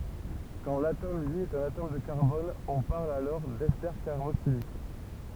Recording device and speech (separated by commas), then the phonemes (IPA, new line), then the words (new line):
temple vibration pickup, read sentence
kɑ̃ latom lje ɛt œ̃n atom də kaʁbɔn ɔ̃ paʁl dɛste kaʁboksilik
Quand l'atome lié est un atome de carbone, on parle d'esters carboxyliques.